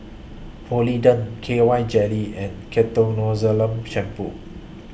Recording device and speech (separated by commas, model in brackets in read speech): boundary microphone (BM630), read sentence